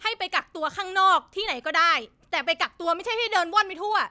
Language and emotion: Thai, angry